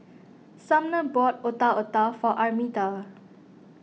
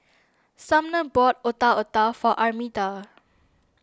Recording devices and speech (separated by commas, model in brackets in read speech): mobile phone (iPhone 6), standing microphone (AKG C214), read sentence